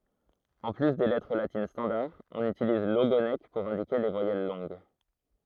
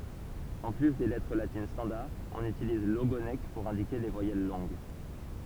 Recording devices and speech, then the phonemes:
throat microphone, temple vibration pickup, read sentence
ɑ̃ ply de lɛtʁ latin stɑ̃daʁ ɔ̃n ytiliz loɡonk puʁ ɛ̃dike le vwajɛl lɔ̃ɡ

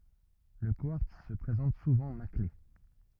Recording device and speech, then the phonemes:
rigid in-ear microphone, read sentence
lə kwaʁts sə pʁezɑ̃t suvɑ̃ makle

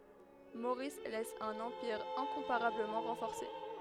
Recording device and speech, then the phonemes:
headset microphone, read sentence
moʁis lɛs œ̃n ɑ̃piʁ ɛ̃kɔ̃paʁabləmɑ̃ ʁɑ̃fɔʁse

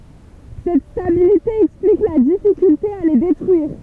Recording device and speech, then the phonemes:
temple vibration pickup, read sentence
sɛt stabilite ɛksplik la difikylte a le detʁyiʁ

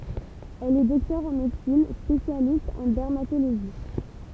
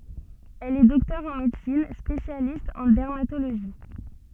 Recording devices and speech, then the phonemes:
temple vibration pickup, soft in-ear microphone, read sentence
ɛl ɛ dɔktœʁ ɑ̃ medəsin spesjalist ɑ̃ dɛʁmatoloʒi

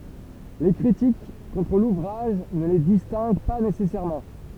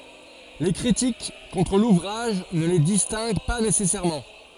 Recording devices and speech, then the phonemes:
temple vibration pickup, forehead accelerometer, read sentence
le kʁitik kɔ̃tʁ luvʁaʒ nə le distɛ̃ɡ pa nesɛsɛʁmɑ̃

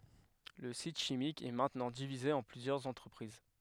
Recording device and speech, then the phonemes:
headset microphone, read sentence
lə sit ʃimik ɛ mɛ̃tnɑ̃ divize ɑ̃ plyzjœʁz ɑ̃tʁəpʁiz

